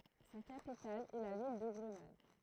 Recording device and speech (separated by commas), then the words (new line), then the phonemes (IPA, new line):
throat microphone, read sentence
Sa capitale est la ville de Grenade.
sa kapital ɛ la vil də ɡʁənad